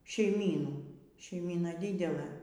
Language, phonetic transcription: Lithuanian, šeiˈmynų šeiˈmyna ˈdidelɘ

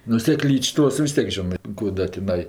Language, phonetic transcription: Lithuanian, nu seˈklyč' ˈtos vis ˈtiek ˈžionɜ ˈkų da tiˈnai

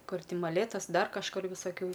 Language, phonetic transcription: Lithuanian, ˈkur ˈti maˈlėtas ˈdar kažˈkur visaˈkių

